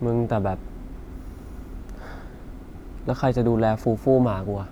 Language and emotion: Thai, sad